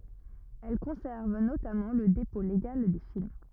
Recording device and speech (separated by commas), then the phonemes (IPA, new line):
rigid in-ear microphone, read sentence
ɛl kɔ̃sɛʁv notamɑ̃ lə depɔ̃ leɡal de film